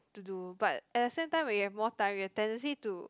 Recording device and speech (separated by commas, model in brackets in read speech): close-talking microphone, conversation in the same room